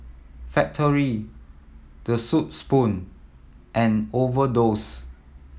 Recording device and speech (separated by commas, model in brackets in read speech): mobile phone (iPhone 7), read sentence